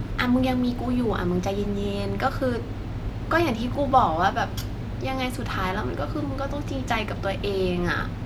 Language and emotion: Thai, frustrated